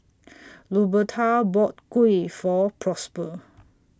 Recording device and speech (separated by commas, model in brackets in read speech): standing microphone (AKG C214), read sentence